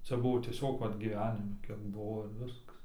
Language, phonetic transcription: Lithuanian, ˈcia ˈbuvo tieˈsiog ˈvat gyˈvenimi ˈkiek ˈbuo ir ˈviskas

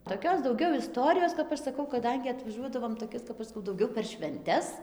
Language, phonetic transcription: Lithuanian, toˈkios dauˈgiau iˈstorijos kap ˈaš saˈkau kaˈdangi atvaˈžuodavom toˈkis kap ˈaš skau dauˈgiau per švenˈtes

